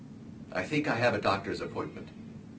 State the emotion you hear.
neutral